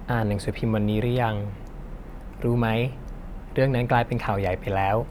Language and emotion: Thai, neutral